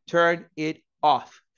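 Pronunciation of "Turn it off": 'Turn it off' is said too slowly here.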